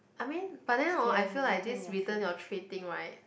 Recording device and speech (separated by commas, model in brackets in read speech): boundary microphone, conversation in the same room